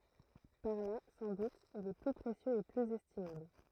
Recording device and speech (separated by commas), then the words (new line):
throat microphone, read sentence
Par là, sans doute, il est plus précieux et plus estimable.